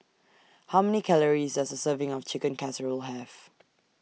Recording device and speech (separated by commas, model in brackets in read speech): mobile phone (iPhone 6), read sentence